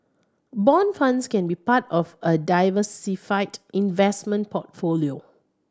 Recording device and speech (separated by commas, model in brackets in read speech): standing microphone (AKG C214), read sentence